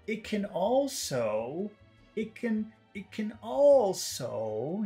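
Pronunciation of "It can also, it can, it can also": In 'it can also', the syllables follow a short, short, long, long pattern: 'it' and 'can' are short, and both syllables of 'also' are long.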